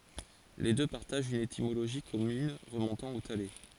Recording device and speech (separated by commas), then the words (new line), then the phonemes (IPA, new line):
forehead accelerometer, read sentence
Les deux partagent une étymologie commune remontant au thaler.
le dø paʁtaʒt yn etimoloʒi kɔmyn ʁəmɔ̃tɑ̃ o tale